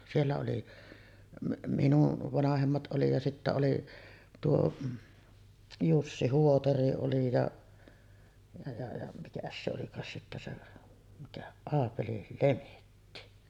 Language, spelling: Finnish, siellä oli minun vanhemmat oli ja sitten oli tuo Jussi Huotari oli ja ja ja ja mikäs se olikaan sitten se mikä Aapeli Lemetti
- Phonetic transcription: siellä oli , minuv 'vanahemmat 'oli ja sittä oli 'tuo , "Jussi 'Huotari oli ja , ja ja ja , mikäs se olikaas sittä se , mikä , 'Aapeli "Lemetti .

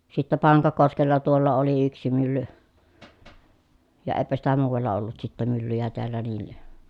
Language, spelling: Finnish, sitten Pankakoskella tuolla oli yksi mylly ja eipä sitä muualla ollut sitten myllyjä täällä näin
- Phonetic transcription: sittä Paŋkakoskella tuolla oli yksi mylly , ja èpä sitä muuvalla ollut sittä myllyjä teällä ni(ə) .

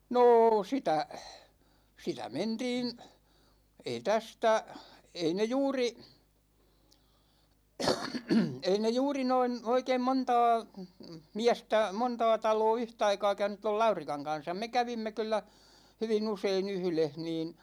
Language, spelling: Finnish, no sitä sitä mentiin ei tästä ei ne juuri ei ne juuri noin oikein montaa miestä montaa taloa yhtaikaa käynyt tuo Laurikan kanssa me kävimme kyllä hyvin usein yhdessä niin
- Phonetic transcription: nô 'sitä , 'sitä "mentiin , 'ei 'tästä , 'ei ne 'juuri , 'ei ne "juuri noin , 'oikeim 'montaa , 'miästä , 'montaa 'taloo 'yhtaikaa käynyt toi "Laurikaŋ 'kan̬sam me 'kävimme kyl̆lä , 'hyvi'n ‿usei"n ‿yhleh niin ,.

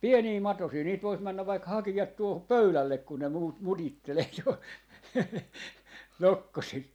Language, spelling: Finnish, pieniä matosia niitä voisi mennä vaikka hakea tuohon pöydälle kun ne - mutittelee jo nokkosia
- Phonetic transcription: "pienii "matosii niit 'vois 'männäv vaik 'hakijat tuohop "pöylällek ku ne muut- , 'mutittelee jo , "nokkosii .

